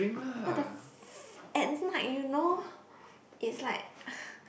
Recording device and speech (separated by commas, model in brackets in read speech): boundary microphone, conversation in the same room